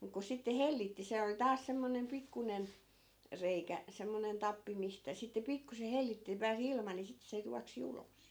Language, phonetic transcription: Finnish, muk ku 'sitte "hellitti 'se oli 'taas semmonem 'pikkunen , 'reikä , semmonen 'tappi mistä sitte 'pikkuse 'hellitti ni pää's ‿ilma ni sit se 'juaksi 'ulos .
- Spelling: mutta kun sitten hellitti se oli taas semmoinen pikkuinen reikä semmoinen tappi mistä sitten pikkuisen hellitti niin pääsi ilma niin sitten se juoksi ulos

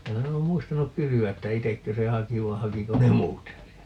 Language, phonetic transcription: Finnish, ('minä en ‿oom) 'muistanuk "kysyä että 'itekkö se "haki vai 'hakiko ne "muut sen 'sieltä .
- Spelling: minä en ole muistanut kysyä että itsekö se haki vai hakiko ne muut sen sieltä

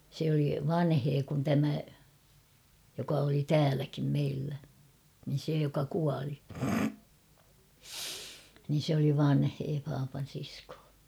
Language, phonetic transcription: Finnish, se oli 'vanhee kun tämä , joka oli "tääläkim 'meillä , niin̬ se joka 'kuali , niin̬ sᵉ ‿oli 'vanhee paapan̬ siskoo , ja , ja ja ...
- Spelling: se oli vanhempi kuin tämä joka oli täälläkin meillä niin se joka kuoli niin se oli vanhempi papan sisko ja ja ja

